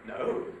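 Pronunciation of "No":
On 'No', the pitch starts low, goes up high, and then falls low again.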